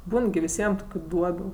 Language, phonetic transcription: Lithuanian, ˈbūn gi viˈsiem ˈtokiu ˈduobiu

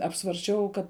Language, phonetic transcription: Lithuanian, apsvarsˈčiau ˈkad

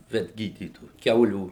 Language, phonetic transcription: Lithuanian, vetˈgydytoju ˈkiaulių

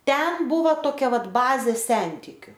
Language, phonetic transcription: Lithuanian, ˈten ˈbuvo toˈkia ˈvat ˈbazė ˈsentikiu

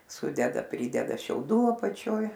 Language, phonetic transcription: Lithuanian, ˈsudeda ˈprydeda šiauˈdų apaˈčioj

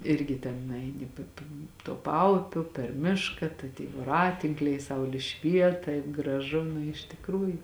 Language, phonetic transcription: Lithuanian, ˈirgi ten nuˈeini pė pė tuo ˈpaupiu per ˈmiška tai tyj voˈratinkliai ˈsauli ˈšviet taip graˈžu nu iš tikˈrųju

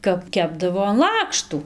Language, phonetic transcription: Lithuanian, kap ˈkepdavo an ˈlakštų

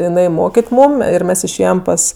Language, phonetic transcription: Lithuanian, jiˈnai ˈmokit' ˈmūm ir ˈmes išˈėjem ˈpas

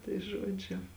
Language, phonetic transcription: Lithuanian, tai ˈžuodžiu

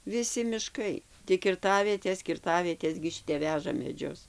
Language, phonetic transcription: Lithuanian, viˈsi miˈškai tik kirˈtavietės kirˈtavietės gi ˈšitep ˈveža meˈdžius

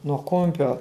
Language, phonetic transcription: Lithuanian, nuo ˈkumpio

